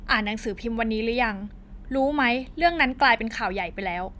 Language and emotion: Thai, angry